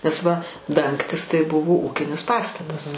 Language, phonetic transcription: Lithuanian, nes ˈva ˈdangtis tai ˈbuvo ˈūkinis ˈpastatas

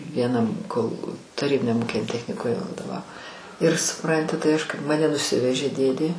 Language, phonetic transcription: Lithuanian, vieˈnam kol taˈrybiniam ˈūkiniam techniˈkume vadoˈvavo ir suˈpranti tai ˈaš kaip maˈne nuˈsivežė ˈdėdė

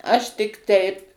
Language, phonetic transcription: Lithuanian, ˈaš tik ˈteip

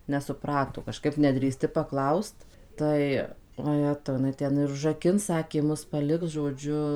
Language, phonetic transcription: Lithuanian, nesuˈprato kaˈžkaip nedrįˈsti paˈklaust ˈtai oˈjetau jiˈnai ˈten ir užraˈkins ˈsakė ˈmus paˈliks žoˈdžiu

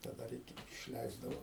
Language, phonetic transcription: Lithuanian, ta ˈdar ˈiki išˈleisdavo

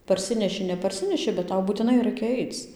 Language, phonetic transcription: Lithuanian, parˈsineši neparˈsineši bet ˈtau būtiˈnai ˈraikia ˈaic

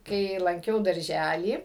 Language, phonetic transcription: Lithuanian, ˈkai lanˈkiau darˈžælį

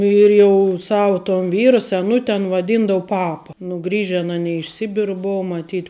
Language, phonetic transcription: Lithuanian, ir jau ˈsavu ton ˈvyra seˈnut' an vaˈdyndavu ˈpapa nu ˈgrįžen aˈny iš ˈsibiru ˈbuu maˈtyt'

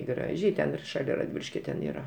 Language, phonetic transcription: Lithuanian, ˈgražiai ten ir šaˈlia radˈvyliškio ten ˈyra

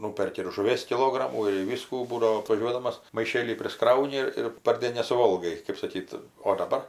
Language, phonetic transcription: Lithuanian, ˈnūperki ir žuˈvies kiˈlogramų ir ˈvyskų ˈbūdavo atvaˈžiuodamas maiˈšėlį prisˈkrauni ir ir parˈdėn nesuˈvolgai kɜp saˈkyt o daˈbar

